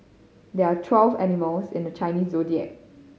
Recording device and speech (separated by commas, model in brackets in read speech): mobile phone (Samsung C5010), read sentence